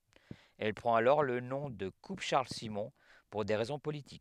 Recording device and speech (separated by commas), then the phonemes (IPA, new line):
headset microphone, read sentence
ɛl pʁɑ̃t alɔʁ lə nɔ̃ də kup ʃaʁl simɔ̃ puʁ de ʁɛzɔ̃ politik